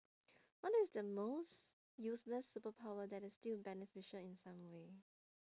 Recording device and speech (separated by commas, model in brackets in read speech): standing microphone, conversation in separate rooms